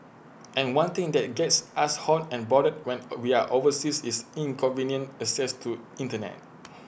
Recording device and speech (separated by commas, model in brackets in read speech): boundary microphone (BM630), read sentence